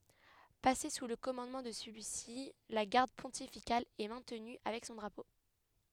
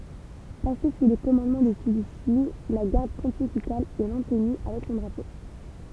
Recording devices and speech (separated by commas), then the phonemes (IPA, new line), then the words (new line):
headset microphone, temple vibration pickup, read sentence
pase su lə kɔmɑ̃dmɑ̃ də səlyi si la ɡaʁd pɔ̃tifikal ɛ mɛ̃tny avɛk sɔ̃ dʁapo
Passée sous le commandement de celui-ci, la Garde pontificale est maintenue avec son drapeau.